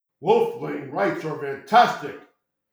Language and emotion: English, disgusted